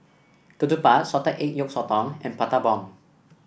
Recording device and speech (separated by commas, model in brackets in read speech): boundary microphone (BM630), read sentence